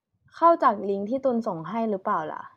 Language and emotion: Thai, neutral